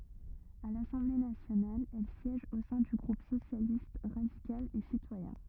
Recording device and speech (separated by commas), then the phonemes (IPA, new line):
rigid in-ear microphone, read sentence
a lasɑ̃ble nasjonal ɛl sjɛʒ o sɛ̃ dy ɡʁup sosjalist ʁadikal e sitwajɛ̃